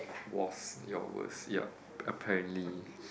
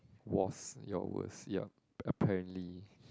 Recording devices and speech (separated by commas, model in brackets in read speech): boundary microphone, close-talking microphone, conversation in the same room